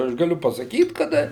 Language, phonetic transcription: Lithuanian, aš gaˈliu pasaˈkyt kaˈda

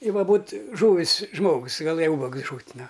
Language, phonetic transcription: Lithuanian, i ˈva ˈbūt ˈžūvis ˈžmogus gaˈlɘja ˈubagus ˈžut' ˈnu

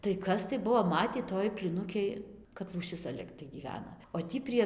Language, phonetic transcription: Lithuanian, tai ˈkas tai ˈbuo ˈmatį ˈtoj plyˈnukėj kad lūˈšis cia ˈligtai gyˈvena o ˈtį prie

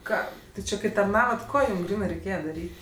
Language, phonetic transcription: Lithuanian, ˈką ˈti ˈči kai tarˈnavat ˈko ˈjūm ˈgrynɜ reiˈkėje daˈryt'

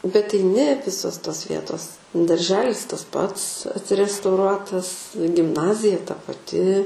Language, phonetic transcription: Lithuanian, bet eiˈni ˈvisos tos ˈvietos darˈželis tas ˈpats atrestauˈruotas gimˈnazija ta paˈti

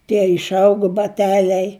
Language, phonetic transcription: Lithuanian, tie išˈaugu baˈteliai

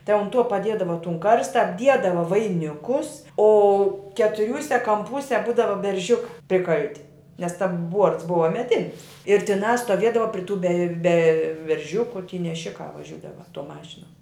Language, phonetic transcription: Lithuanian, tai un ˈtuo paˈdiedava tun ˈkarsta apˈdiedava vaiˈnikus o ketuˈriūse kamˈpūse ˈbūdava berˈžiukā priˈkalti nes ˈtam ˈbuorts ˈbuva meˈdinis ir tiˈnā stoˈviedava pri tų be be berˈžiuku ty neˈšikā vaˈžiūdava ˈtuo ˈmašinuo

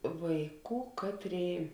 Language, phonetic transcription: Lithuanian, ˈvaiˌkų ˈkaˌtrėi

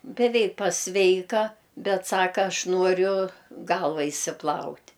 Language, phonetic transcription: Lithuanian, beˈveik paˈsveika ˈbet ˈsaka ˈaš ˈnuoriu ˈgalva išsiˈplaut'

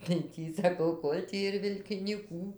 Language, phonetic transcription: Lithuanian, tai ˈtį saˈkau ˈkol' tį ir vilkinyˈkų

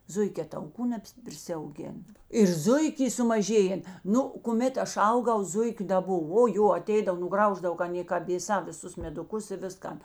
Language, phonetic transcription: Lithuanian, ˈzuikē tauˈkų nebprisiauˈgėn ir ˈzuik' ˈy sumaˈžėjen ˈnu kuˈmėt ˈaš ˈauˌgau ˈzuikiu da ˈbov o ˈjo aˈteidav nuˈgrauždav ka aˈnė kad vėˈsā visˈus meduˈkus i ˈviskan

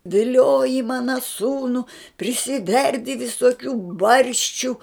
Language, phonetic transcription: Lithuanian, viˈlioji ˈmana ˈsūnu prisiˈverdi visoˈkių ˈbarščiu

